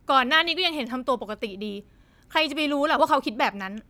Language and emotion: Thai, frustrated